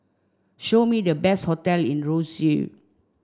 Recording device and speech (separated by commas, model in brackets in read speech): standing microphone (AKG C214), read sentence